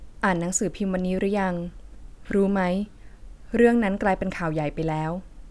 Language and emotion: Thai, neutral